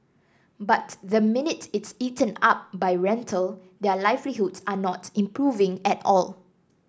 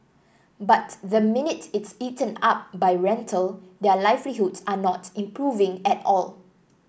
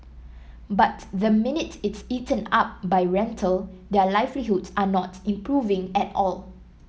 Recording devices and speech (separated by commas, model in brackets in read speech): standing microphone (AKG C214), boundary microphone (BM630), mobile phone (iPhone 7), read sentence